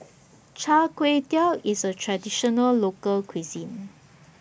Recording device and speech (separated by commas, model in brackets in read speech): boundary microphone (BM630), read sentence